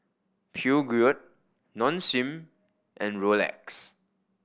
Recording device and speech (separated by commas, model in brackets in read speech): boundary microphone (BM630), read sentence